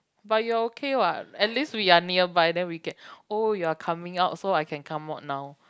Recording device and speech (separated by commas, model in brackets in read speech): close-talking microphone, conversation in the same room